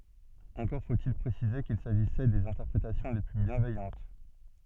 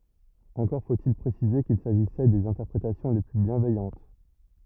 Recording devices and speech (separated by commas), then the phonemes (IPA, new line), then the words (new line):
soft in-ear microphone, rigid in-ear microphone, read sentence
ɑ̃kɔʁ fotil pʁesize kil saʒisɛ dez ɛ̃tɛʁpʁetasjɔ̃ le ply bjɛ̃vɛjɑ̃t
Encore faut-il préciser qu'il s'agissait des interprétations les plus bienveillantes.